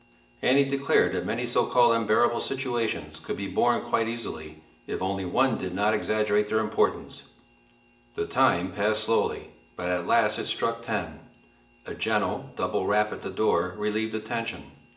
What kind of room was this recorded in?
A large space.